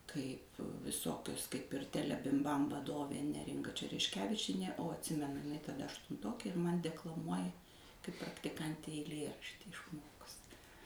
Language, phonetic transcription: Lithuanian, ˈkaip viˈsokius kaip ir ˈtelebimˌbam vaˈdovė ˈneringa čerešˈkevičienė o atˈsimenu taˈda aštunˈtokė ir man' deklaˈmuoja kaip praktiˈkantei eiˈlieraštį išˈmokus'

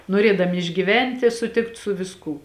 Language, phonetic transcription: Lithuanian, noˈrėdami išgyˈventi suˈtikt su visˈkū

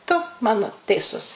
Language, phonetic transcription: Lithuanian, tu ˈmano teiˈsus

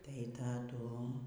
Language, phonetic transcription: Lithuanian, tai taˈdu

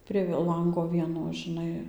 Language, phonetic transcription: Lithuanian, prie ˈlango ˈvieno žiˈnai

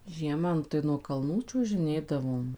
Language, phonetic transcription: Lithuanian, ˈžiema ˈnu tai nuo kalˈnų čiuožiˈnėdavom

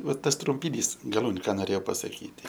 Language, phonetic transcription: Lithuanian, ˈva ˈtas trumpiˈnys gaˈlūniu ˈką noˈrėjau pasaˈkyti

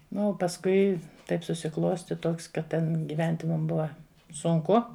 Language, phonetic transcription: Lithuanian, ˈnu o pasˈkui ˈtaip susiˈklosti ˈtoks kad ˈten giˈventi mum ˈbuva sunˈku

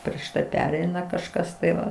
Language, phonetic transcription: Lithuanian, prieš ˈtai ˈpereina kažˈkas tai ˈva

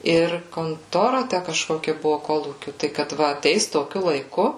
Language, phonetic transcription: Lithuanian, ˈir konˈtora ˈtæ kažkoˈkia ˈbuvo ˈkolūkiu ˈtai kad ˈva aˈteis toˈkiu laiˈku

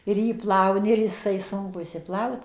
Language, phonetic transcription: Lithuanian, ir ˈjį ˈplauni ir jiˈsai ˈsunku išsiˈplaut

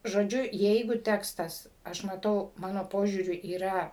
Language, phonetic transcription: Lithuanian, žoˈdžiu ˈjeigu ˈtekstas ˈaš maˈtau ˈmano ˈpožiūriu yˈra

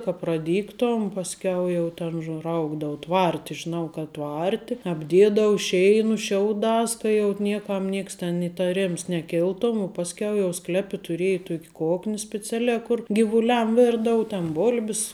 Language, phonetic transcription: Lithuanian, ka praˈdygtom pasˈkiau jau ˈten užˈraugdau ˈtvarti žiˈnau kad ˈtvarti apˈdėdavu ˈšeinu ˈšiauˌdās ka jau ˈnieˌkam ˈnieks ten itaˈrims neˈkiltom u pasˈkiau jau ˈsklepi tuˈrėji ˈtuok' ˈkokni speˈcialiā ˈkur givuˈliam ˈvirdau ten ˈbol'bis

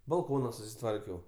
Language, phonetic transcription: Lithuanian, balˈkona susiˈtvarkiau

